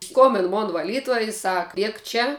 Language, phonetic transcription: Lithuanian, ˈskombin ˈmon vaˈlytuoj i sak ˈliek ˈčia

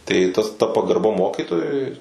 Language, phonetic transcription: Lithuanian, tai tas ta pagarˈba ˈmokytojui

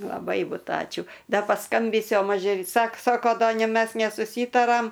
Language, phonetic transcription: Lithuanian, laˈbai ˈbut ˈačiū ˈda paˈskambysiu o ˈmažė ˈsak ˈsako ˈda nė ˈmes nesuˈsytaram

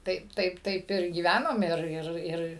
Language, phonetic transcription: Lithuanian, ˈtaip ˈtaip ˈtaip ir gyˈvænom ˈir ˈir ˈir

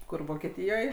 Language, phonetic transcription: Lithuanian, ˈkur vokeˈtyjoj

